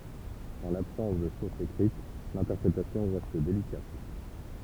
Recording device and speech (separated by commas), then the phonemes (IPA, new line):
temple vibration pickup, read sentence
ɑ̃ labsɑ̃s də suʁsz ekʁit lɛ̃tɛʁpʁetasjɔ̃ ʁɛst delikat